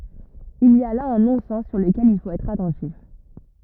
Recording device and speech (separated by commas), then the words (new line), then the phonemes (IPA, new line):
rigid in-ear microphone, read sentence
Il y a là un non-sens sur lequel il faut être attentif.
il i a la œ̃ nɔ̃sɛn syʁ ləkɛl il fot ɛtʁ atɑ̃tif